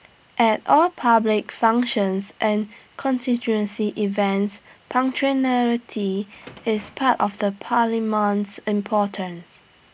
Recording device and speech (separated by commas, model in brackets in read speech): boundary microphone (BM630), read sentence